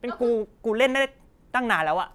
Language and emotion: Thai, angry